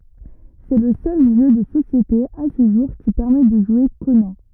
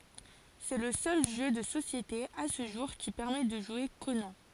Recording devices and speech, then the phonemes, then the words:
rigid in-ear microphone, forehead accelerometer, read sentence
sɛ lə sœl ʒø də sosjete a sə ʒuʁ ki pɛʁmɛ də ʒwe konɑ̃
C'est le seul jeu de société, à ce jour, qui permet de jouer Conan.

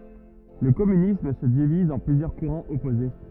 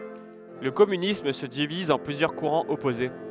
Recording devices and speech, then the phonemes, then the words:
rigid in-ear microphone, headset microphone, read sentence
lə kɔmynism sə diviz ɑ̃ plyzjœʁ kuʁɑ̃z ɔpoze
Le communisme se divise en plusieurs courants opposés.

